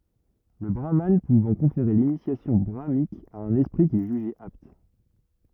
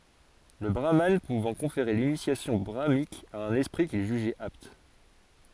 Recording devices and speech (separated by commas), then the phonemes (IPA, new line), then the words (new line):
rigid in-ear microphone, forehead accelerometer, read sentence
lə bʁaman puvɑ̃ kɔ̃feʁe linisjasjɔ̃ bʁamanik a œ̃n ɛspʁi kil ʒyʒɛt apt
Le brahmane pouvant conférer l’initiation brahmanique à un esprit qu'il jugeait apte.